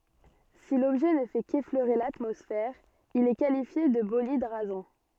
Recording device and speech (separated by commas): soft in-ear microphone, read sentence